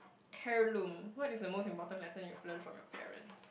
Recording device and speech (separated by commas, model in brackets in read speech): boundary microphone, conversation in the same room